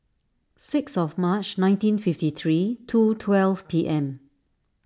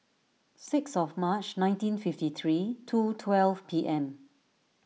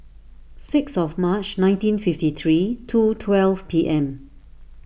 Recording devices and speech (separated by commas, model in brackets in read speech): standing microphone (AKG C214), mobile phone (iPhone 6), boundary microphone (BM630), read sentence